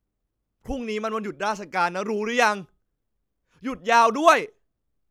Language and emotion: Thai, angry